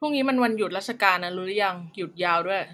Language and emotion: Thai, neutral